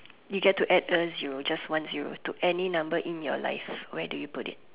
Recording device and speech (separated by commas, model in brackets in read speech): telephone, conversation in separate rooms